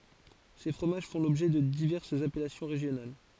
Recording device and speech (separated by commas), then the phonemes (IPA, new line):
forehead accelerometer, read sentence
se fʁomaʒ fɔ̃ lɔbʒɛ də divɛʁsz apɛlasjɔ̃ ʁeʒjonal